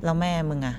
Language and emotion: Thai, neutral